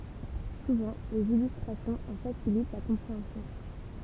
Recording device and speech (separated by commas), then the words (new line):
temple vibration pickup, read sentence
Souvent, des illustrations en facilitent la compréhension.